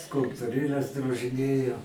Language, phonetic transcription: Lithuanian, skulptuˈrėles drožiˈnėjau

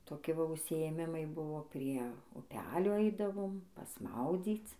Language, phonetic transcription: Lithuanian, toˈki ˈva užsiėˈmimai ˈbuvo prie uˈpelio ˈaidavom pasˈmaudzyc

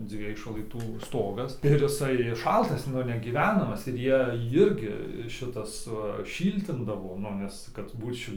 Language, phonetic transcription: Lithuanian, ˈdzviej šlaiˈtų ˈstogas ir iˈsai ˈšaltas ˈnu negyˈvenamas ir ˈjie ˈjirgi ˈšitas va ˈšyltindavo ˈnu vis ˈkad ˈbūt ˈšil'

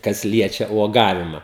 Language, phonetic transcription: Lithuanian, kas ˈliečia uoˈgavima

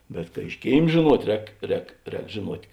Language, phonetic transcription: Lithuanian, bet ka iš ˈkėim žėˈnuot' ˈrēk ˈrēk ˈrēk žėˈnuot'

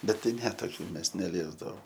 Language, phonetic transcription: Lithuanian, bet ˈtai ˈne toˈkių ˈmes neˈliesdavom

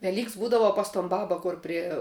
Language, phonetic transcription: Lithuanian, veˈlyks ˈbūdava pas ton ˈbaba ˈkur prie

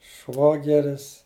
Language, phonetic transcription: Lithuanian, ˈšvogeris

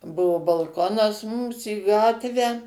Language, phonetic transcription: Lithuanian, ˈbuvu balˈkonas ˈmums į ˈgatvę

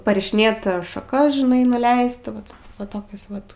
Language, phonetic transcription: Lithuanian, parišiˈnėt šaˈkas žiˈnai nuˈleist ˈvat va ˈtokius ˈvat

